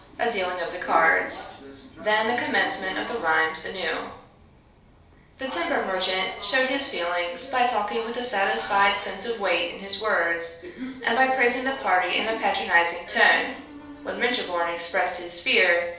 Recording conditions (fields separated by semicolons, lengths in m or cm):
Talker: one person; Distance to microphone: 3.0 m; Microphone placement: far; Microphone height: 1.8 m; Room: small (3.7 m by 2.7 m); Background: television